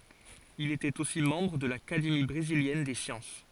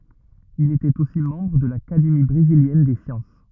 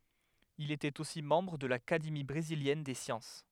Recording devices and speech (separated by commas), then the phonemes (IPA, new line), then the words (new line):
forehead accelerometer, rigid in-ear microphone, headset microphone, read sentence
il etɛt osi mɑ̃bʁ də lakademi bʁeziljɛn de sjɑ̃s
Il était aussi membre de l'Académie brésilienne des sciences.